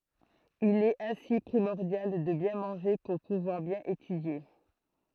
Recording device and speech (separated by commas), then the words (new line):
throat microphone, read sentence
Il est ainsi primordial de bien manger pour pouvoir bien étudier.